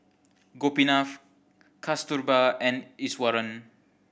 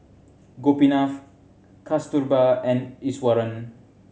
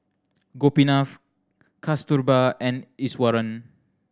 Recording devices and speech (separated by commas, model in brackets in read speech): boundary microphone (BM630), mobile phone (Samsung C7100), standing microphone (AKG C214), read sentence